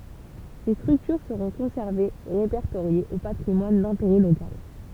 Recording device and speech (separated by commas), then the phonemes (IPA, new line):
temple vibration pickup, read sentence
se stʁyktyʁ səʁɔ̃ kɔ̃sɛʁvez e ʁepɛʁtoʁjez o patʁimwan dɛ̃teʁɛ lokal